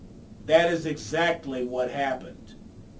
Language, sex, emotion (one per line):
English
male
angry